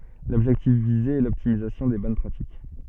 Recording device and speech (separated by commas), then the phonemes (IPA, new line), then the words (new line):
soft in-ear microphone, read sentence
lɔbʒɛktif vize ɛ lɔptimizasjɔ̃ de bɔn pʁatik
L'objectif visé est l'optimisation des bonnes pratiques.